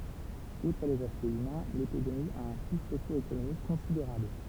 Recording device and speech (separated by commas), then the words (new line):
temple vibration pickup, read sentence
Outre les aspects humains, l’épidémie a un coût socio-économique considérable.